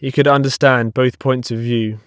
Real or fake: real